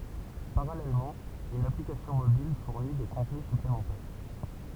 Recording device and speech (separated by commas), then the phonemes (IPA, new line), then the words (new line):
temple vibration pickup, read sentence
paʁalɛlmɑ̃ yn aplikasjɔ̃ mobil fuʁni de kɔ̃tny syplemɑ̃tɛʁ
Parallèlement, une application mobile fournit des contenus supplémentaires.